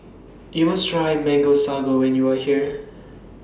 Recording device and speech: standing microphone (AKG C214), read sentence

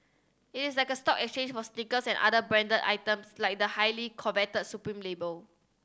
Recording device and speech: standing microphone (AKG C214), read sentence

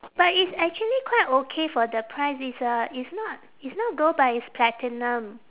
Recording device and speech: telephone, conversation in separate rooms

